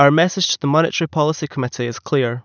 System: none